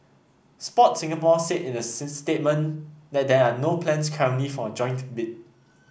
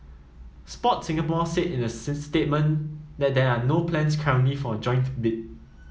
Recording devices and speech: boundary microphone (BM630), mobile phone (iPhone 7), read sentence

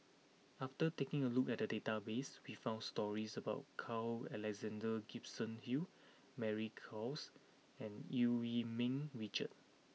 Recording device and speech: mobile phone (iPhone 6), read sentence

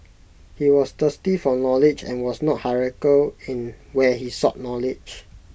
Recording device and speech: boundary microphone (BM630), read sentence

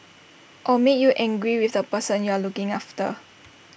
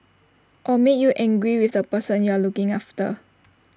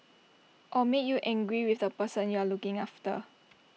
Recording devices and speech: boundary microphone (BM630), standing microphone (AKG C214), mobile phone (iPhone 6), read sentence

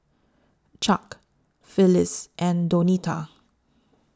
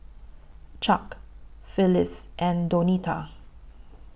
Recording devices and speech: standing microphone (AKG C214), boundary microphone (BM630), read sentence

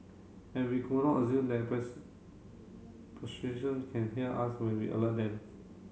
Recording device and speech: mobile phone (Samsung C7), read sentence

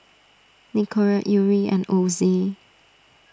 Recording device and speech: standing microphone (AKG C214), read sentence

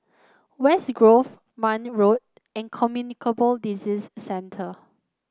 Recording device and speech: close-talking microphone (WH30), read sentence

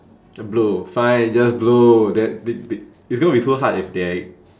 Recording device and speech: standing microphone, conversation in separate rooms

